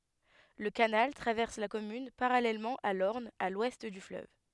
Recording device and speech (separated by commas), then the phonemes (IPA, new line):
headset microphone, read sentence
lə kanal tʁavɛʁs la kɔmyn paʁalɛlmɑ̃ a lɔʁn a lwɛst dy fløv